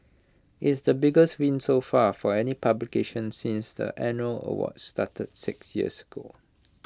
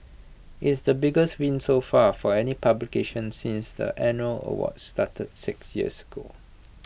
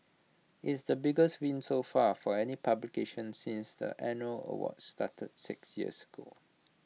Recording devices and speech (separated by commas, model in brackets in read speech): close-talking microphone (WH20), boundary microphone (BM630), mobile phone (iPhone 6), read sentence